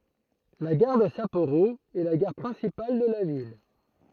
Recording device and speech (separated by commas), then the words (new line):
throat microphone, read sentence
La gare de Sapporo est la gare principale de la ville.